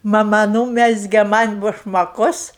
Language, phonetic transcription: Lithuanian, maˈma ˈnūmezge ˈman' bušmaˈkus

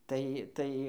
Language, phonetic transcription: Lithuanian, tai ˈtai

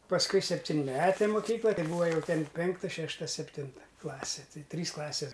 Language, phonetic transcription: Lithuanian, pasˈkui septinˈmetė moˈkykla ˈtai ˈbūva jau ˈten ˈpenkta ˈšešta sepˈtinta ˈklasi ˈtai ˈtrys ˈklasės

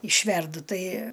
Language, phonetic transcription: Lithuanian, išˈverdu ˈtai

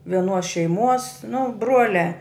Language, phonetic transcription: Lithuanian, vieˈnuos šeiˈmuos nu ˈbruoliā

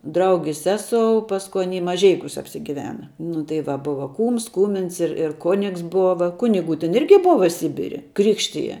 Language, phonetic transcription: Lithuanian, ˈdraugis ˈsesou ˈpasku ˈany maˈžeikiūs apsiˈgivena nu tai ˈva ˈbuva ˈkūms ˈkūmins ir ir ˈkonigs ˈbova ˈkunigu ten ˈirgi ˈbova ˈsibiri ˈkrikštija

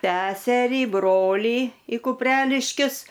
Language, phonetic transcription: Lithuanian, ˈseserį ˈbrolį i kupˈreliškius

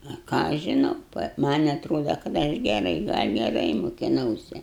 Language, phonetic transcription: Lithuanian, a ˈką aš žiˈnau ˈman' atˈroda kad ˈaš geˈrai gal' geˈrai mukiˈnause

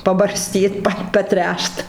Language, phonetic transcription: Lithuanian, pabarˈstyt ˈpa paˈtręšt

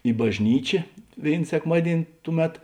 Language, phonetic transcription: Lithuanian, i bažˈnyčė ˈvėin sekˈmadien' ˈtuˌmet

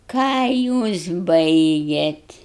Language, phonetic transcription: Lithuanian, ˈką jūs ˈbaigėt

